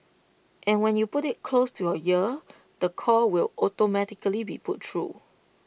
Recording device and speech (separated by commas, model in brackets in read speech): boundary microphone (BM630), read sentence